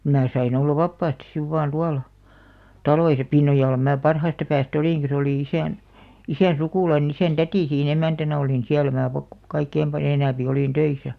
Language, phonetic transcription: Finnish, 'mää sain olla 'vappaastis siv vaan 'tuala , "taloisa 'Pinnojalla mää 'parhaasta päästä "olìŋki se olì 'isä̀n , 'isä̀n̬ "sukùlaine isä̀n "tätì sii'n ‿emä̀§ntänä oli nin "siäl mää pak- , 'kaikkeim pal'j ‿enä̀mpi olìn "töisä .
- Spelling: minä sain olla vapaasti sitten vain tuolla taloissa Pinnojalla minä parhaasta päästä olinkin se oli isän isän sukulainen isän täti siinä emäntänä oli niin siellä minä - kaikkein paljon enempi olin töissä

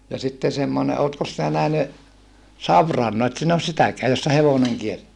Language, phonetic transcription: Finnish, ja sitte semmone ootkos sinä nähny , savran no et sin ‿os sitäkeä jossa hevoneŋ kiert(teä) .
- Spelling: ja sitten semmoinen oletkos sinä nähnyt savirana no et sinä ole sitäkään jossa hevonen kiertää

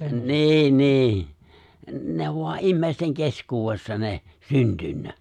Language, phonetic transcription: Finnish, ni̬i̬ , "ni̬i̬ , 'ne (ov) voa '’immèisteŋ 'keskuuwessa ne , 'syntynnä .
- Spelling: niin niin ne on vain ihmisten keskuudessa ne syntynyt

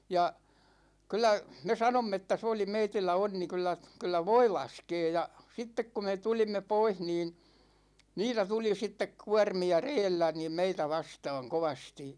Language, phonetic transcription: Finnish, 'ja , 'kyl̆lä , me 'sanomm ‿että se oli 'meitillä 'onni kyllä , kyllä "voi 'laskee ja , 'sittek ku me 'tulimme 'poih niin̬ , 'niitä 'tuli 'sittek "kuarmi₍a 'reellä niim 'meitä 'vastaaŋ 'kovasti .
- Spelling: ja kyllä me sanoimme että se oli meillä onni kyllä kyllä voi laskee ja sitten kun me tulimme pois niin niitä tuli sitten kuormia reellä niin meitä vastaan kovasti

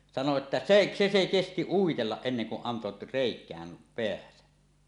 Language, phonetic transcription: Finnish, sano että "seˀ , 'se se 'kesti 'uitellaˀ 'ˀenneŋ ku’ ’anto "rèik̀ääm 'peäsä .
- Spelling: sanoi että se se se kesti uitella ennen kuin antoi reikään päänsä

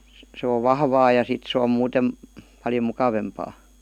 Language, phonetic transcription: Finnish, sᵉ ov "vahvaa ja 'sit se om 'muutem , paljo 'mukavempaa .
- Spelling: se on vahvaa ja sitten se on muuten paljon mukavampaa

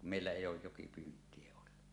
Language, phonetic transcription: Finnish, kum meillä èij̆j ‿ooj 'jokipyynt̀ie ollu .
- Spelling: kun meillä ei ole jokipyyntiä ollut

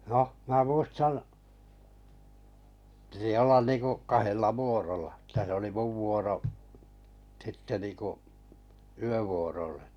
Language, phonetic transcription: Finnish, noh 'mää 'muistan , pⁱti ollan niiŋku’ , 'kahella "vuorola , tä se oli 'muv 'vuoro’ , 'sitte niŋku’ , 'yövuorolle .
- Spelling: no minä muistan piti olla niin kuin kahdella vuorolla että se oli minun vuoro sitten niin kuin yövuorolle

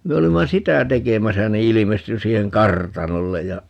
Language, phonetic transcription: Finnish, 'me olimma "sitä 'tekemäsä ni 'ilimesty 'siiheŋ "kartanollej ja ,.
- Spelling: me olimme sitä tekemässä niin ilmestyi siihen kartanolle ja

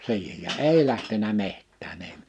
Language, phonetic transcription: Finnish, 'si̬ihej ja "èi lähtenä 'mehttää'n ‿èi .
- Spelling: siihen ja ei lähtenyt metsään ei

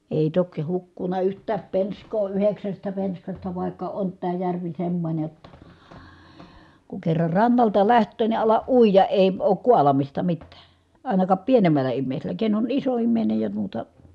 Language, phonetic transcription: Finnish, èi tokⁱ hukkun̆na yht̀ääp pensk̀oo yheksästä penskasta vàikka ont tää järvi semmońe jotta , ku kerrar rannalta läht̀öö ni alaʼ ʼuija , èi̮ , ook kualamista mittää , àinakap pienemäl̆lä immèisel̆lä , ken on iso immèinej ja muuta ,.
- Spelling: ei toki hukkunut yhtään penskaa yhdeksästä penskasta vaikka on tämä järvi semmoinen jotta kun kerran rannalta lähtee niin ala uida ei ole kaalaamista mitään ainakaan pienemmällä ihmisellä ken on iso ihminen ja muuta

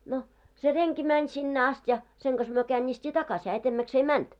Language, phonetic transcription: Finnish, no , se 'reŋki mäń sinne 'ast ja , seŋ ɢas myö 'kääńńiist́ii 'takas , hää 'etemmäks ‿ei "mänt .
- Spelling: no se renki meni sinne asti ja sen kanssa me käännistiin takaisin hän edemmäksi ei mennyt

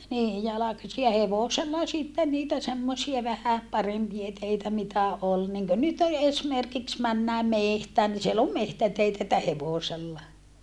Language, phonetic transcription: Finnish, nii jalakasi ja hevosella sitten niitä semmosia vähä , parempie teitä mitä ol , niŋkö nyt ‿e - esmerkiks männää mehtään ni siel ‿om mehtäteitä että hevòsella .
- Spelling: niin jalkaisin ja hevosella sitten niitä semmoisia vähän parempia teitä mitä oli niin kuin nyt - esimerkiksi mennään metsään niin siellä on metsäteitä että hevosella

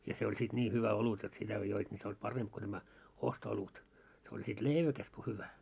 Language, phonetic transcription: Finnish, ja se oĺ sit 'ńii 'hyvä 'olut jot sitä ko joit ńi se oĺ "paremp ko tämä , 'osto₍'olut , se oĺ sit ('lèiväkäs) ko hyvä .
- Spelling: ja se oli sitten niin hyvä olut jotta sitä kun joit niin se oli parempi kuin tämä osto-olut se oli sitten leiväkäs kuin hyvä

